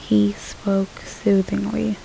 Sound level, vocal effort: 73 dB SPL, soft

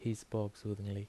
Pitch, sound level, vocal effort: 105 Hz, 76 dB SPL, soft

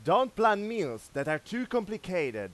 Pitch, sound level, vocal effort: 220 Hz, 100 dB SPL, very loud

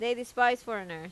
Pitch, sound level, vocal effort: 240 Hz, 90 dB SPL, loud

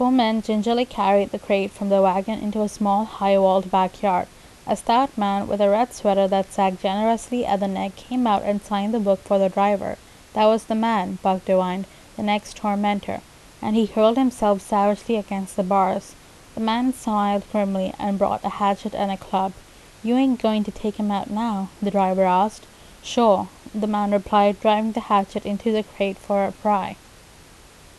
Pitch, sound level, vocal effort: 205 Hz, 81 dB SPL, normal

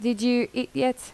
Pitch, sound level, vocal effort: 245 Hz, 81 dB SPL, normal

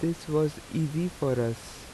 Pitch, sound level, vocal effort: 155 Hz, 81 dB SPL, soft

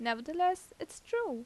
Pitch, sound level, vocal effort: 360 Hz, 84 dB SPL, normal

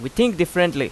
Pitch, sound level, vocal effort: 175 Hz, 91 dB SPL, very loud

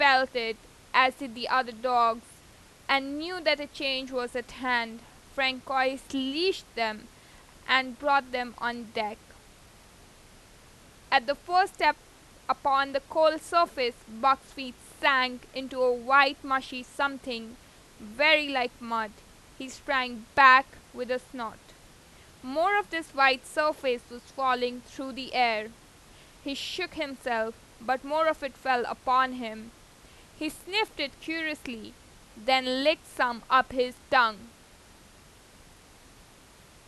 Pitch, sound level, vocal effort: 260 Hz, 93 dB SPL, loud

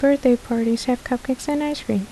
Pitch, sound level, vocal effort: 250 Hz, 74 dB SPL, soft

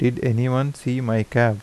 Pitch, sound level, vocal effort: 125 Hz, 81 dB SPL, normal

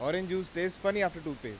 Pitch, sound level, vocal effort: 180 Hz, 96 dB SPL, loud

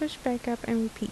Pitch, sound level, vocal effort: 235 Hz, 75 dB SPL, soft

